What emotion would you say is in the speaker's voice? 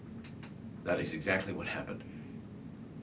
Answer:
neutral